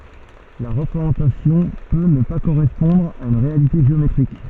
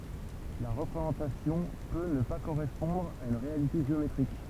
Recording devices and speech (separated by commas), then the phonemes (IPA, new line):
soft in-ear microphone, temple vibration pickup, read sentence
la ʁəpʁezɑ̃tasjɔ̃ pø nə pa koʁɛspɔ̃dʁ a yn ʁealite ʒeometʁik